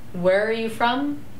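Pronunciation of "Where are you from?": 'Where are you from?' is asked with a falling intonation.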